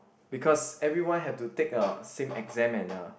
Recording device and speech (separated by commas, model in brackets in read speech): boundary microphone, conversation in the same room